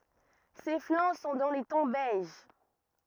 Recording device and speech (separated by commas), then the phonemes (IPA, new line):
rigid in-ear microphone, read sentence
se flɑ̃ sɔ̃ dɑ̃ le tɔ̃ bɛʒ